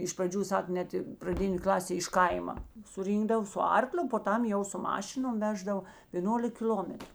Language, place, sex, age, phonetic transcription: Lithuanian, Žemaitija, female, 60+, iš praˈdžių ˈsak ˈnet i praˈdinė ˈklasė iš ˈkaima suˈrynkdav su ˈarkliu po ˈtam jau su ˈmašinom ˈveždav vėˈnolik kiˈl'ometru

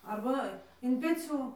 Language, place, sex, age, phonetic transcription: Lithuanian, Dzūkija, female, 18-60, arˈba in peˈcių

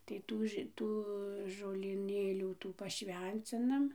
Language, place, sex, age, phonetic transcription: Lithuanian, Dzūkija, female, 60+, tai ˈtų ži ˈtų žolyˈnėlių ˈtų paˈšvencinam

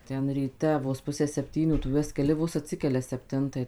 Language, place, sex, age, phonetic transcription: Lithuanian, Suvalkija, female, 18-60, ˈten ryˈte vos ˈpusę sepˈtynių tu ˈjuos keˈli ˈvos atˈsikelia sepˈtintai

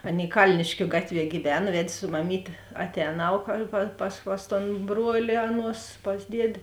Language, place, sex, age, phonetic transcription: Lithuanian, Žemaitija, female, 18-60, ˈaˌnėi ˈkalniškiu ˈgatˌvie gyˈvena ˈved' su maˈmytė aˈtēnau ka pa pas pas ton ˈbruoli ˈaˌnuos pas ˈdiedė

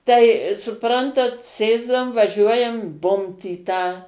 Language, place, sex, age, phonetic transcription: Lithuanian, Suvalkija, female, 60+, tai suˈprantat ˈsėsdavum vaˈžiuojam ˈbumt į tą

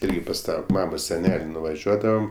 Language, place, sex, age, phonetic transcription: Lithuanian, Aukštaitija, male, 18-60, ˈirgi pas ˈtą ˈmamos seˈnel' nuvaˈžiuodavam

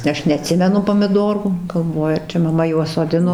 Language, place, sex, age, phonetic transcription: Lithuanian, Dzūkija, female, 60+, ˈaš neaˈtsimenu pomiˈdorų galˈvoju ar ˈčia maˈma juos soˈdino

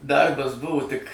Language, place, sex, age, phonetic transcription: Lithuanian, Suvalkija, male, 60+, ˈdarbas ˈbuvo tik

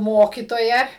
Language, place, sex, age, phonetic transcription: Lithuanian, Suvalkija, female, 60+, ˈmokitoja

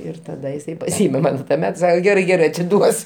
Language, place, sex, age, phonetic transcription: Lithuanian, Aukštaitija, male, 60+, ˈir taˈda jiˈsai paˈsyme ˈman tuoˈmet ˈsake ˈgerai ˈgerai atiˈduos

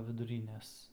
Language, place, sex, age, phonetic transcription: Lithuanian, Aukštaitija, male, 18-60, viduˈrynes

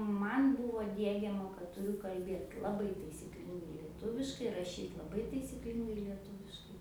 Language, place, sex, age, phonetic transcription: Lithuanian, Aukštaitija, female, 18-60, ˈman' ˈbuvo ˈdiegiama kad tuˈriu kalˈbėt laˈbai taisyˈklingai lieˈtuviškai raˈšyt laˈbai taisyˈklingai lieˈtūviškai

